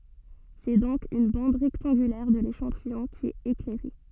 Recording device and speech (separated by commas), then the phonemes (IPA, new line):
soft in-ear microphone, read sentence
sɛ dɔ̃k yn bɑ̃d ʁɛktɑ̃ɡylɛʁ də leʃɑ̃tijɔ̃ ki ɛt eklɛʁe